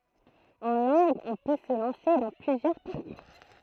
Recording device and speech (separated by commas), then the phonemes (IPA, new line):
throat microphone, read sentence
ɑ̃ lɑ̃ɡz ɔ̃ pø sə lɑ̃se dɑ̃ plyzjœʁ paʁkuʁ